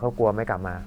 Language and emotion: Thai, neutral